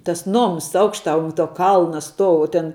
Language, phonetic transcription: Lithuanian, tas ˈnoms ˈaukštā un ˈtuo ˈkalna ˈstuou u ˈten

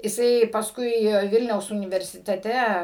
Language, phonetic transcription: Lithuanian, jiˈsai pasˈkui ˈvilniaus universiteˈte

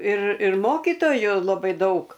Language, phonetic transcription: Lithuanian, ir ir ˈmokytoju laˈbai ˈdaug

